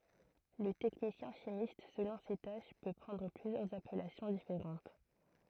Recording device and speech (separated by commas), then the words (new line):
throat microphone, read sentence
Le technicien chimiste, selon ses tâches, peut prendre plusieurs appellations différentes.